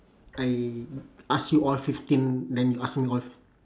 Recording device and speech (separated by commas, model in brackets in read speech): standing microphone, conversation in separate rooms